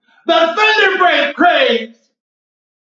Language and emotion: English, fearful